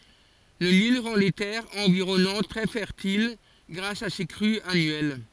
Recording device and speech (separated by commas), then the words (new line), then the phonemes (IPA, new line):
forehead accelerometer, read sentence
Le Nil rend les terres environnantes très fertiles grâce à ses crues annuelles.
lə nil ʁɑ̃ le tɛʁz ɑ̃viʁɔnɑ̃t tʁɛ fɛʁtil ɡʁas a se kʁyz anyɛl